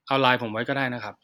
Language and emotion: Thai, neutral